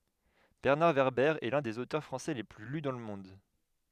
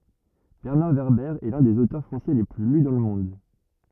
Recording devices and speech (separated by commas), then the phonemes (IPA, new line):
headset microphone, rigid in-ear microphone, read sentence
bɛʁnaʁ vɛʁbɛʁ ɛ lœ̃ dez otœʁ fʁɑ̃sɛ le ply ly dɑ̃ lə mɔ̃d